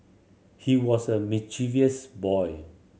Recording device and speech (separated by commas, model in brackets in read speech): mobile phone (Samsung C7100), read sentence